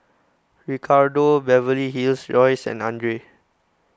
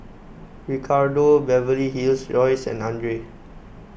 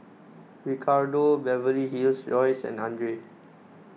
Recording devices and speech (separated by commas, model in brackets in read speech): close-talking microphone (WH20), boundary microphone (BM630), mobile phone (iPhone 6), read sentence